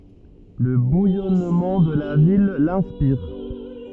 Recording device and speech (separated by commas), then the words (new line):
rigid in-ear microphone, read sentence
Le bouillonnement de la ville l'inspire.